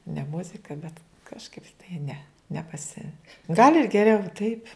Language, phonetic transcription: Lithuanian, ne ˈmuzika bet kažˈkaip tai ˈne nepaˈsi gal' ir geˈriau taip'

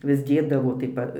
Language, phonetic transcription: Lithuanian, vis ˈdėdavo tai ˈpa

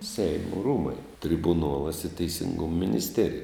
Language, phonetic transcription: Lithuanian, ˈseimo ˈrūmai tribuˈnuolas i teisingum minisˈterija

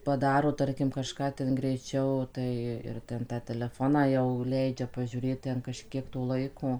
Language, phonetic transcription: Lithuanian, paˈdaro ˈtarkim kaˈžką ˈten greiˈčiau ˈtai ir ˈten tą teleˈfoną jau ˈleidžia pažiūˈrėt ˈten kažˈkiek to ˈlaiko

